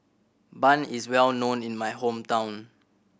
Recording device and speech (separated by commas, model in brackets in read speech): boundary microphone (BM630), read sentence